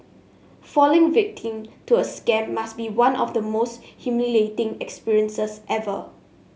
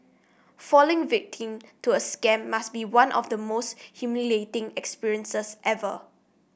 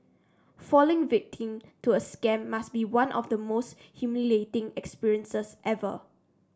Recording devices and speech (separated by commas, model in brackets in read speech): mobile phone (Samsung S8), boundary microphone (BM630), standing microphone (AKG C214), read sentence